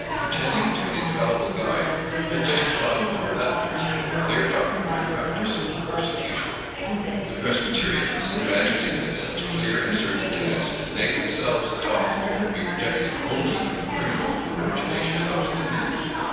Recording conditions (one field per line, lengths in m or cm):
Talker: one person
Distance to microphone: 7.1 m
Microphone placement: far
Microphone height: 1.7 m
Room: very reverberant, large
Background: babble